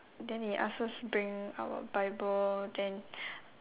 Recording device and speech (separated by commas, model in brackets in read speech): telephone, conversation in separate rooms